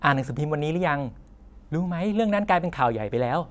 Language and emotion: Thai, happy